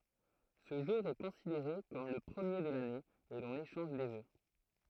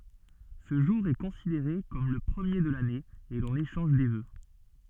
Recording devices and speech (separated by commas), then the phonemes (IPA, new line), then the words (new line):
throat microphone, soft in-ear microphone, read sentence
sə ʒuʁ ɛ kɔ̃sideʁe kɔm lə pʁəmje də lane e lɔ̃n eʃɑ̃ʒ de vø
Ce jour est considéré comme le premier de l'année et l'on échange des vœux.